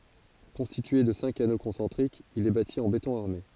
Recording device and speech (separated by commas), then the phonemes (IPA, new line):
forehead accelerometer, read sentence
kɔ̃stitye də sɛ̃k ano kɔ̃sɑ̃tʁikz il ɛ bati ɑ̃ betɔ̃ aʁme